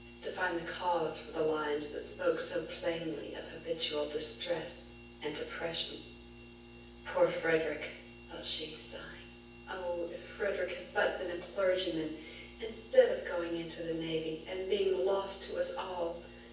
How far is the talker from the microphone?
9.8 m.